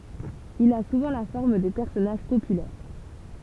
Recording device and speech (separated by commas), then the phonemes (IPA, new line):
temple vibration pickup, read sentence
il a suvɑ̃ la fɔʁm də pɛʁsɔnaʒ popylɛʁ